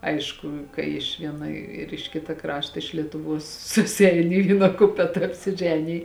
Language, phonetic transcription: Lithuanian, ˈaišku kai iš ˈviena ir iš ˈkita ˈkrašta iš lietuˈvuos susiˈein i ˈvyna ˈkupeta apsiˈženij

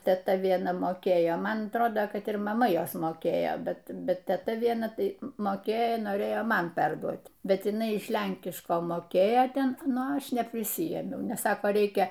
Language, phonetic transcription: Lithuanian, teˈta vieˈna moˈkėjo ˈman atˈrodo kad ir maˈma ˈjos moˈkėjo ˈbet ˈbet teˈta vieˈna ˈtai moˈkėjo noˈrėjo ˈman ˈperduot ˈbet jiˈnai iš ˈlenkiško moˈkėjo ˈten ˈnu ˈaš neprisiˈjėmiau nes ˈsaka ˈreikia

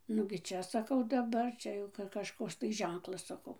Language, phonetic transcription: Lithuanian, nugi ˈčia ˈsakau daˈbar ˈčia jau kažˈkoks tai ˈženklas saˈkau

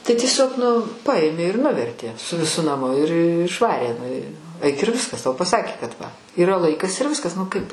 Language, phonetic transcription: Lithuanian, tai tieˈsiog nu ˈpaėmė ir ˈnuvertė su viˈsu naˈmu ir išˈvarė nu i aik ir ˈviskas tau paˈsakė kad va yˈra ˈlaikas ir ˈviskas nu ˈkaip

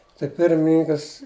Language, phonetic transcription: Lithuanian, tai ˈpirmininkas

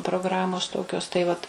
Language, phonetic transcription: Lithuanian, progˈramos ˈtokios tai ˈvat

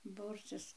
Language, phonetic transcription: Lithuanian, ˈbūrcis

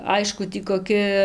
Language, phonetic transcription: Lithuanian, ˈaišku ˈtį koˈki

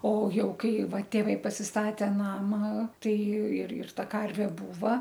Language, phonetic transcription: Lithuanian, o ˈjau ˈkai ˈva tėˈvai pasisˈtatė ˈnama ˈtai ir ir ˈta ˈkarvė ˈbūva

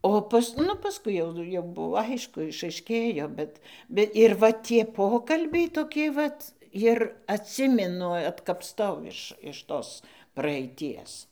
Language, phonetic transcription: Lithuanian, ˈo pas ˈnu pasˈkui jau jau ˈbuvo ˈaišku išaiˈškėjo ˈbet ˈbe ir ˈva tie ˈpokalbiai toˈki ˈvat ir atˈsiminu atkapˈtau iš iš ˈtos praeiˈties

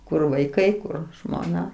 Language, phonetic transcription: Lithuanian, kur vaiˈkai ˈkur žmoˈna

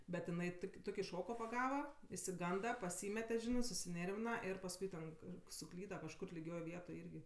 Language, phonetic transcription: Lithuanian, bet iˈnai ˈtuki ˈtuki ˈšoko paˈgava išsiˈganda paˈsymete ˈžinɜ susiˈnėrvina ir pasˈkui ten kar suˈklyda kažˈkur liˈgioj ˈvietoj ˈirgi

